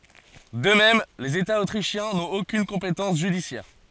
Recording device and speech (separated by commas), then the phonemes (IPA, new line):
forehead accelerometer, read sentence
də mɛm lez etaz otʁiʃjɛ̃ nɔ̃t okyn kɔ̃petɑ̃s ʒydisjɛʁ